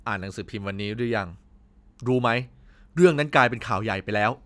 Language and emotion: Thai, frustrated